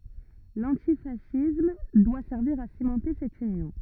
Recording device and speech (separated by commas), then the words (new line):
rigid in-ear microphone, read sentence
L'antifascisme doit servir à cimenter cette union.